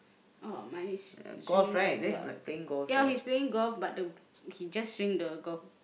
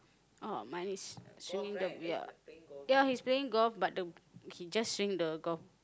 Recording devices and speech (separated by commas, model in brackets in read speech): boundary microphone, close-talking microphone, conversation in the same room